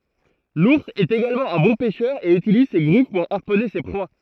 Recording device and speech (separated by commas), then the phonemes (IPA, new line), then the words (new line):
throat microphone, read sentence
luʁs ɛt eɡalmɑ̃ œ̃ bɔ̃ pɛʃœʁ e ytiliz se ɡʁif puʁ aʁpɔne se pʁwa
L'ours est également un bon pêcheur et utilise ses griffes pour harponner ses proies.